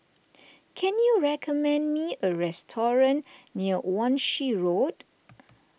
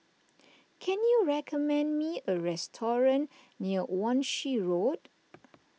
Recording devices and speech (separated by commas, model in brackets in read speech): boundary microphone (BM630), mobile phone (iPhone 6), read sentence